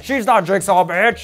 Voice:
deep voice